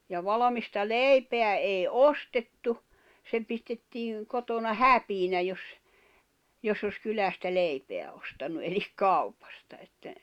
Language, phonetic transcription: Finnish, ja 'valᵃmista "leipeä èi "ostettu , se pistettiiŋ , kotona "häpiinä jos , joss ‿os 'kylästä "leipeä ostannu elik "kaupasta että ,.
- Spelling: ja valmista leipää ei ostettu se pistettiin kotona häpeänä jos jos olisi kylästä leipää ostanut eli kaupasta että

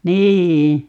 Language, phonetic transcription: Finnish, "nii₍'i .
- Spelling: niin

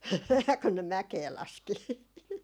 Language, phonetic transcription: Finnish, kun ne "mäkee 'laski .
- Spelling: kun ne mäkeä laski

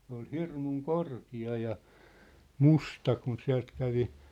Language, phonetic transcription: Finnish, sᵉ ‿ol "hirmuŋ "korki₍a ja , "musta kun 'siä̭lt kävi ,.
- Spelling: se oli hirmu korkea ja musta kun sieltä kävi

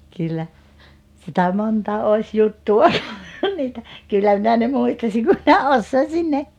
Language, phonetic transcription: Finnish, kyllä , sitä 'monta òis 'juttuʷa , niitä , 'kyllä minä ne 'muistasiŋ ku minä "ossoisin ne , ,.
- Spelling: kyllä sitä monta olisi juttua niitä kyllä minä ne muistaisin kun minä osaisin ne

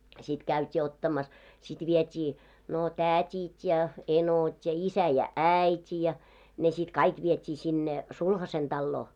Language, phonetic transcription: Finnish, sit 'käyt́ii 'ottamas , sit 'viet́ii , no "tä̀t́it ja "enot́ ja , 'isä ja "’§ä̀it́i ja , ne sit 'kaik 'viet́ii sinne , "sulhasen 'ᴅalloo .
- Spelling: sitten käytiin ottamassa sitten vietiin no tädit ja enot ja isä ja äiti ja ne sitten kaikki vietiin sinne sulhasen taloon

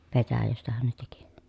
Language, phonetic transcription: Finnish, petäjästähän ne teki .
- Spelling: petäjästähän ne teki

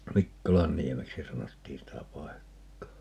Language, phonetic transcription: Finnish, "Mikkolanniemeksi 'sanottiin 'sitä "paekkaa .
- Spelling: Mikkolanniemeksi sanottiin sitä paikkaa

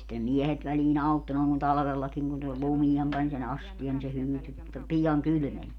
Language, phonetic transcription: Finnish, sitte ne 'miɛhet välii'n ‿autto nòeŋ kun 'talᵃvellakiŋ kun se 'lumiem pań sen 'asti₍an ni se 'hyyty , 'pijaŋ "kylʸmen .
- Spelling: sitten ne miehet väliin auttoi noin kun talvellakin kun se lumeen pani sen astian niin se hyytyi pian kylmeni

